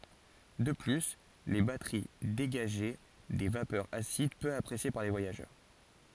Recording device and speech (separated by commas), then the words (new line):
forehead accelerometer, read sentence
De plus, les batteries dégageaient des vapeurs acides peu appréciées par les voyageurs...